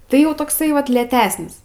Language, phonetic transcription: Lithuanian, ˈtai jau tokˈsai ˈvat lėtesnis

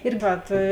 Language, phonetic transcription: Lithuanian, ir ˈvat

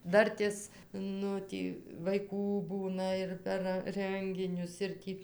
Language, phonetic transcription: Lithuanian, ˈdartės ˈnu ˈtį vaiˈkų ˈbūna ir per ˈrənginius ir ˈtį

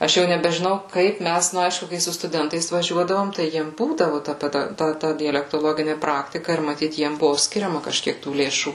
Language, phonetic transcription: Lithuanian, ˈaš jau nebežiˈnau ˈkaip ˈmæs ˈnu ˈaišku kai su stuˈdentais vaˈžiuodavom tai ˈjiem ˈbūdavu ta ˈpeda ˈta ˈta dialektoˈlogini ˈpraktika ir maˈtyt ˈjiem ˈbuvu ˈskiriama kažˈkiek tų lėˈšų

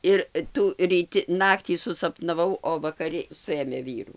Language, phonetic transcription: Lithuanian, ˈir ˈtų ryˈti ˈnaktį susapnaˈvau o vakaˈri ˈsuėmė ˈvyrų

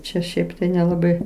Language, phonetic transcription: Lithuanian, ˈčia ˈšiaip tai nelaˈbai

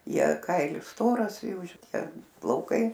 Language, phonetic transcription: Lithuanian, ˈjie ˈkailis ˈstoras ˈjų šiˈtie plauˈkai

